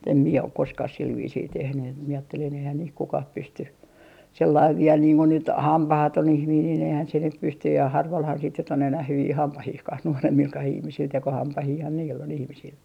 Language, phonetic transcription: Finnish, mut ‿em mie ok 'koskah sil viisii 'tehny et mie aattelin eihään niih "kukah 'pysty , 'sellaiv 'viel niiŋ ko nyt , "hampahaton 'ihmiin nin ehän se 'nyp 'pystyj ja harvalhan sit nyt ‿on enäh 'hyvii 'hampahihkah 'nuoremmilkah ihmisil 'tekohampahiihan niill ‿on ihmisil .
- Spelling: mutta en minä ole koskaan sillä viisiin tehnyt että minä ajattelin eihän niin kukaan pysty sellainen vielä niin kuin nyt hampaaton ihminen niin eihän se nyt pysty ja harvallahan sitten nyt on enää hyviä hampaitakaan nuoremmillakaan ihmisillä tekohampaitahan niillä on ihmisillä

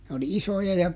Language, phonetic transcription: Finnish, n ‿oli "isoja ja ,.
- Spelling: ne oli isoja ja

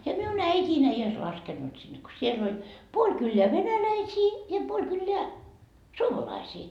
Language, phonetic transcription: Finnish, ja miun ‿äit́iin ‿ei ois 'laskennut sinne ko 'siel ‿oĺ , 'puoĺ kylleä "venäläisii , ja 'puoĺ kylleä "suomalaisii .
- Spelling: ja minun äitini ei olisi laskenut sinne kun siellä oli puoli kylää venäläisiä ja puoli kylää suomalaisia

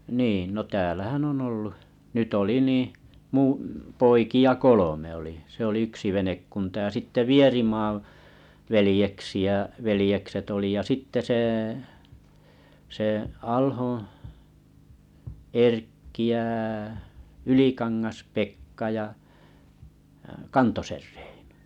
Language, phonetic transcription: Finnish, 'niin no 'täälähän ‿o'n ‿ollu , 'nyt oli 'nii , 'muuṵ , 'poiki₍a "kolome oli , se ‿olⁱ 'yksi 'venekkunta ja 'sitte "Vierimaᵃ , 'velĭjeksi₍ä’ , 'velĭjekset oli ja 'sitte seᵊ , sè 'Alhoo̰ , Erkki jä 'Ylḭkaŋŋas 'Pekka jà Rᴇɪɴᴏ .
- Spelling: niin no täällähän on ollut nyt oli niin minun poikia kolme oli se oli yksi venekunta ja sitten Vierimaan veljeksiä veljekset oli ja sitten se se Alhon Erkki ja Ylikangas Pekka ja Reino

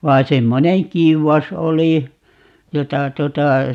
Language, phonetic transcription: Finnish, 'vai 'semmoneŋ "kiuwas 'oli , 'jota 'tuota , .
- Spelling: vaan semmoinen kiuas oli jota tuota

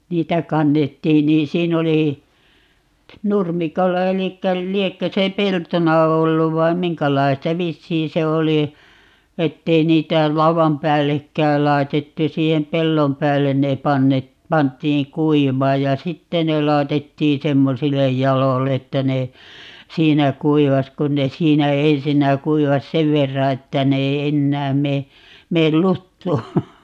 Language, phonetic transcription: Finnish, 'niitä 'kannettiin 'niin "siin ‿oli , "nurmikolla 'elikkä , 'liekkö se "peltona 'olluv 'vaim "miŋkälaista - 'vissiin se 'oli , 'ettei 'niitä "lauvam 'päällekkääl 'lai̮tettu - 'siihem "pellom 'päällen ne 'panne- , 'pant̆tiiŋ "kuivaaj ja "sitte ne 'laɛtettii "semmosille 'jalol'l ‿että ne , "siinä 'kuivas kun ne "siinä "ensinnä 'kuivas "sev verra 'että ne ei "ennääm 'mee , 'meel "luttuu .
- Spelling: niitä kannettiin niin siinä oli nurmikolla eli liekö se peltona ollut vai minkälaista vissiin se oli että ei niitä laudan päällekään laitettu siihen pellon päälle ne - pantiin kuivamaan ja sitten ne laitettiin semmoisille jaloille että ne siinä kuivasi kun ne siinä ensinnä kuivasi sen verran että ne ei enää mene mene luttuun

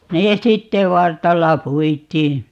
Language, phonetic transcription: Finnish, 'nee "sitte "vartalla 'puit̀ii .
- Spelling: ne sitten vartalla puitiin

